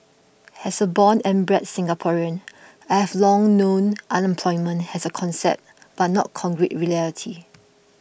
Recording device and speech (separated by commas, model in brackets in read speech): boundary microphone (BM630), read sentence